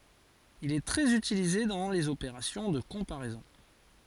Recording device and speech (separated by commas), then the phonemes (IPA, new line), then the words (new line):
forehead accelerometer, read sentence
il ɛ tʁɛz ytilize dɑ̃ lez opeʁasjɔ̃ də kɔ̃paʁɛzɔ̃
Il est très utilisé dans les opérations de comparaisons.